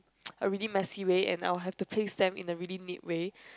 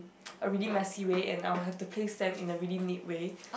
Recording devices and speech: close-talking microphone, boundary microphone, conversation in the same room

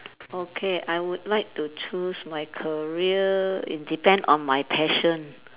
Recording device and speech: telephone, conversation in separate rooms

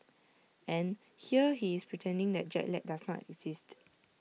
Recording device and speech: mobile phone (iPhone 6), read sentence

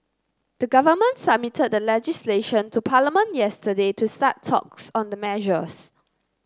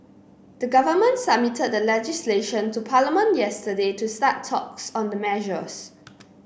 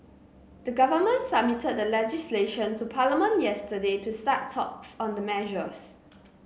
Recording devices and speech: close-talking microphone (WH30), boundary microphone (BM630), mobile phone (Samsung C9), read sentence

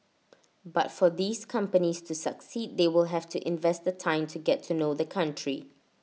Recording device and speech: mobile phone (iPhone 6), read sentence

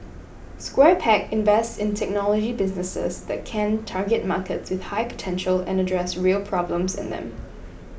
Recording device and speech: boundary microphone (BM630), read sentence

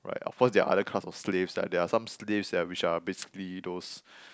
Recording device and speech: close-talking microphone, conversation in the same room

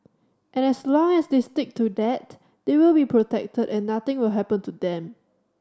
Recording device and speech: standing microphone (AKG C214), read sentence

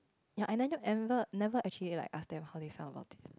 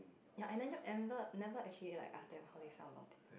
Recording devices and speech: close-talking microphone, boundary microphone, conversation in the same room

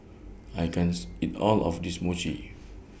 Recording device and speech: boundary microphone (BM630), read sentence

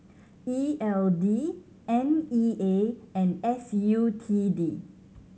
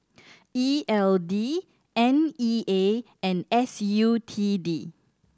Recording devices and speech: mobile phone (Samsung C7100), standing microphone (AKG C214), read sentence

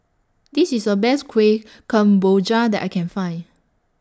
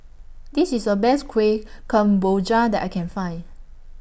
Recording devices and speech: standing microphone (AKG C214), boundary microphone (BM630), read sentence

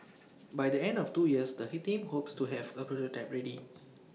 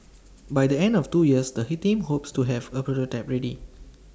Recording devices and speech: mobile phone (iPhone 6), standing microphone (AKG C214), read sentence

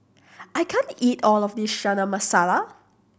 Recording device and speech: boundary microphone (BM630), read sentence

